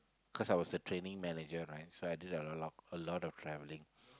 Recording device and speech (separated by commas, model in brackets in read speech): close-talking microphone, conversation in the same room